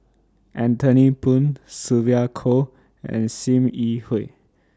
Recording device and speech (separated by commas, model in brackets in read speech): standing microphone (AKG C214), read sentence